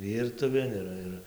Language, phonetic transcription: Lithuanian, ˈvyrtuvėn iˈra ir

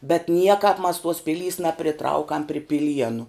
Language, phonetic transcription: Lithuanian, bet ˈniekap mas tuos ˈpilys napriˈtraukam pri piˈlienu

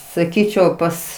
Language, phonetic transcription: Lithuanian, saˈkyčiau ˈpas

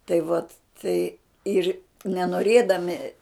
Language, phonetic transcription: Lithuanian, tai ˈvat ˈtai ˈir nenoˈrėdami

